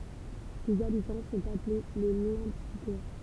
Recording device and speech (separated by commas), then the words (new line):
temple vibration pickup, read sentence
Ses habitants sont appelés les Lempsiquois.